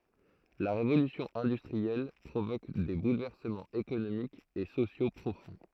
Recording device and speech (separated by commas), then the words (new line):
throat microphone, read sentence
La Révolution industrielle provoque des bouleversements économiques et sociaux profonds.